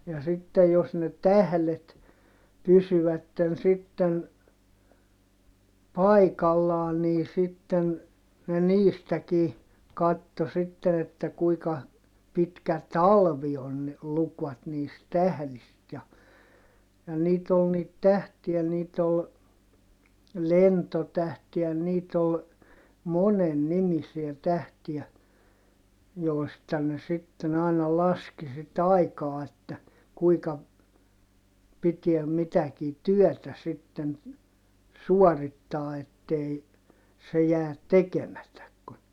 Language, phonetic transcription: Finnish, ja sittej jos ne tählet , pysyvätten sitten , paikallaan nii sitten , ne niistäkii , katto sitten ‿että kuika , pitkä talvi on ne , lukvat niist tählist ja , ja niit ‿ol niit tähtiä niit ‿ol , lentotähti ja niit ‿ol , monen nimisiä tähtiä , jòi̮sta ne sitten ‿àina laski sit ‿aikaa että , kuika , pitiä mitäkii työtä sitten , suɔrittaa ettei , se jäät tekemätäk kun ,.
- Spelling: ja sitten jos ne tähdet pysyvät sitten paikallaan niin sitten ne niistäkin katsoi sitten että kuinka pitkä talvi on ne lukivat niistä tähdistä ja ja niitä oli niitä tähtiä niitä oli lentotähti ja niitä oli monen nimisiä tähtiä joista ne sitten aina laski sitten aikaa että kuinka piti mitäkin työtä sitten suorittaa että ei se jää tekemättä kun

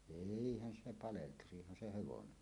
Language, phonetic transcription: Finnish, eihän se "paleltusih̆han 'se 'hevonenni .
- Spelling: eihän se paleltuisihan se hevonen

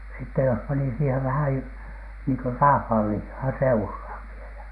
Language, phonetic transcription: Finnish, sitte jos pani siihev 'vähäj jo- , niiŋko "raaVhàl lihhaa 'seurhàv vielä .
- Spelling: sitten jos pani siihen vähän jo niin kuin raavasta lihaa seuraan vielä

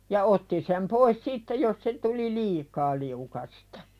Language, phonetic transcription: Finnish, ja 'otti sem pois "sitte jos se tuli "liikaa liukastᴀ .
- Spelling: ja otti sen pois sitten jos se tuli liikaa liukasta

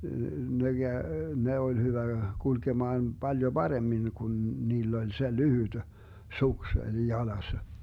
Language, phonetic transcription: Finnish, ne Gäö , 'ne oĺ 'hyvä , 'kulkemaan 'Baljo "Baremmin kun 'niill ‿oĺ se 'lyhyD , "suks oĺ 'jalassa .
- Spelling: ne kävi ne oli hyvä kulkemaan paljon paremmin kun niillä oli se lyhyt suksi oli jalassa

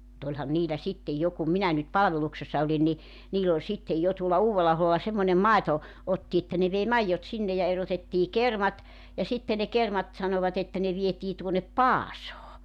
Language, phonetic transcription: Finnish, [mu]'t ‿oĺhan 'niilä 'sittej "jo ku 'minä nyt "palᵃveluksessa olin ni , 'niil ‿oĺ sittej 'jo tuola 'Uuwella₍aholla semmońem "maeto- , 'otti että ne vei 'maijjot 'sinne ja 'erotettii "kermat , ja 'sitte ne 'kermat , 'sanovat ‿että ne 'vietii tuonnep "Paasoo .
- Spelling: mutta olihan niillä sitten jo kun minä nyt palveluksessa olin niin niillä oli sitten jo tuolla Uudella-aholla semmoinen - otti että ne vei maidot sinne ja erotettiin kermat ja sitten ne kermat sanoivat että ne vietiin tuonne Paasoon

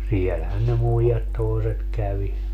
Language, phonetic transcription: Finnish, 'sielhän ne 'muijat toeset 'kävi .
- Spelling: siellähän ne muijat toiset kävi

